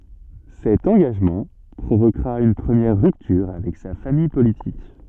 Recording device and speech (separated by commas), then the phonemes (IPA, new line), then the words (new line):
soft in-ear microphone, read sentence
sɛt ɑ̃ɡaʒmɑ̃ pʁovokʁa yn pʁəmjɛʁ ʁyptyʁ avɛk sa famij politik
Cet engagement provoquera une première rupture avec sa famille politique.